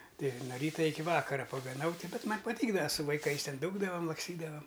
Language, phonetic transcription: Lithuanian, ˈtai no ˈryta ˈiki ˈvakara pagaˈnau ˈti ˈbet ˈman' paˈtykdava su vaiˈkais ˈten ˈdūkdavam laksˈtydavam

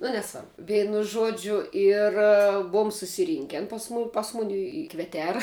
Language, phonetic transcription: Lithuanian, nu neˈsvarbu ˈveinu ˈžuodžiu ˈir ˈbuum susiˈrynken ˈpas mu ˈpas ˈmuni i i kveˈtera

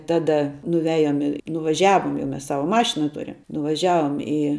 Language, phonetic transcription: Lithuanian, ˈtada nuˈviajom i nuvaˈžiavom jau ˈmes ˈsava ˈmašina ˈturim nuvaˈžiavom i

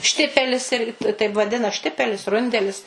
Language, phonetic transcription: Lithuanian, ˈštipelis ˈirgi taip vaˈdina ˈštipelis ˈrundelis

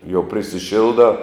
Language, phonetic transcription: Lithuanian, jau prisiˈšildā

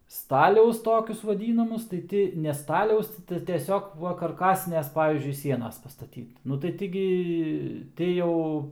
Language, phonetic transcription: Lithuanian, ˈstaliaus ˈtokius vaˈdynamus tai ˈti ne ˈstaliaus ti tai tieˈsiog ˈva karˈkasinės ˈpavyzdžiui ˈsienas pastaˈtyt nu tai ˈti gi ˈti jau

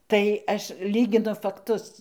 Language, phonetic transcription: Lithuanian, tai ˈaš ˈlyginu fakˈtus

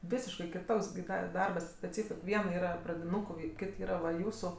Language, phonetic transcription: Lithuanian, ˈvisiškai kiˈtoks gi ˈda i ˈdarbas atˈseit ˈviena ˈyra pradiˈnūkui ˈkit ˈyra va ˈjūsu

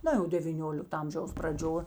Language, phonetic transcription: Lithuanian, ˈna jau devyˈniolikta ˈamžiaus praˈdžio

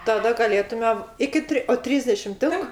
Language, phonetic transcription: Lithuanian, taˈda gaˈlėtume ˈiki tri o ˈtrysdešim ˈtink

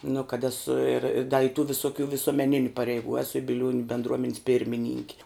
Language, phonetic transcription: Lithuanian, nu kad ˈesu ir i da i tu visuˈkių visuomeˈniniu pareiˈgų ˈesu i biˈliuoniu bendˈruomenis ˈpirmininki

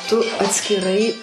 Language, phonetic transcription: Lithuanian, tu atskiˈrai

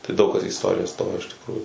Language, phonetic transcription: Lithuanian, tai ˈdaug kas į isˈtoriją ˈstojo iš tikˈrųjų

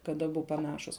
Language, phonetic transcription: Lithuanian, kad aˈbu paˈnašus

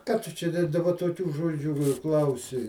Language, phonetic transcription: Lithuanian, ˈką ˈtu čia da daˈba toˈkių ˈžodžių ir ˈklausi

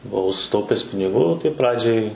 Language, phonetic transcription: Lithuanian, buˈau suˈtaupes piniˈgų ˈtai ˈpradžiai

